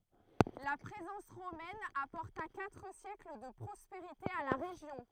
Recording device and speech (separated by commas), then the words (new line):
throat microphone, read sentence
La présence romaine apporta quatre siècles de prospérité à la région.